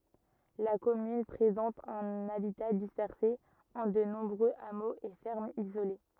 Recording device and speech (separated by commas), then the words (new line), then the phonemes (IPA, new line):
rigid in-ear microphone, read sentence
La commune présente un habitat dispersé en de nombreux hameaux et fermes isolées.
la kɔmyn pʁezɑ̃t œ̃n abita dispɛʁse ɑ̃ də nɔ̃bʁøz amoz e fɛʁmz izole